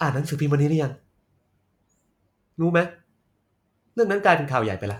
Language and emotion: Thai, frustrated